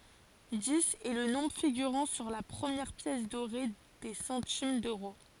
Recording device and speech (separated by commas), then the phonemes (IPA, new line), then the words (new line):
forehead accelerometer, read sentence
diz ɛ lə nɔ̃bʁ fiɡyʁɑ̃ syʁ la pʁəmjɛʁ pjɛs doʁe de sɑ̃tim døʁo
Dix est le nombre figurant sur la première pièce dorée des centimes d'euros.